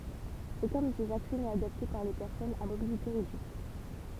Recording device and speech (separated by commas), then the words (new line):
temple vibration pickup, read sentence
Aucun de ces accès n'est adapté pour les personnes à mobilité réduite.